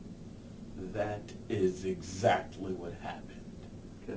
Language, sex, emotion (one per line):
English
male
angry